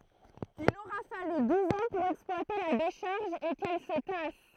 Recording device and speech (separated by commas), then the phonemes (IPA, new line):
throat microphone, read sentence
il oʁa faly duz ɑ̃ puʁ ɛksplwate la deʃaʁʒ e kɛl sə tas